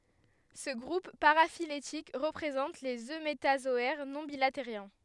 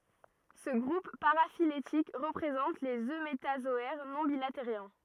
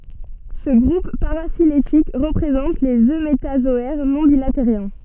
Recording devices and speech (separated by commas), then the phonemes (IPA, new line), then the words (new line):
headset microphone, rigid in-ear microphone, soft in-ear microphone, read sentence
sə ɡʁup paʁafiletik ʁəpʁezɑ̃t lez ømetazɔɛʁ nɔ̃ bilateʁjɛ̃
Ce groupe paraphylétique représente les eumétazoaires non bilatériens.